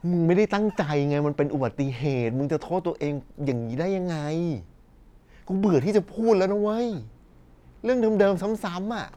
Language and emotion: Thai, frustrated